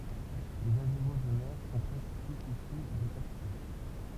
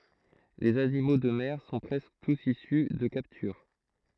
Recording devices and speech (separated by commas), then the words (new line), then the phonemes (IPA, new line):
temple vibration pickup, throat microphone, read sentence
Les animaux de mer sont presque tous issus de capture.
lez animo də mɛʁ sɔ̃ pʁɛskə tus isy də kaptyʁ